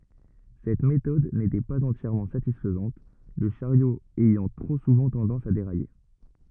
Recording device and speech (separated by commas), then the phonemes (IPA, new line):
rigid in-ear microphone, read sentence
sɛt metɔd netɛ paz ɑ̃tjɛʁmɑ̃ satisfəzɑ̃t lə ʃaʁjo ɛjɑ̃ tʁo suvɑ̃ tɑ̃dɑ̃s a deʁaje